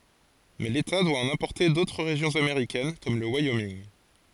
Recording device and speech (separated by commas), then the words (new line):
forehead accelerometer, read sentence
Mais l’État doit en importer d’autres régions américaines comme le Wyoming.